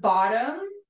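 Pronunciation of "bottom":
In 'bottom', the t sounds like a d.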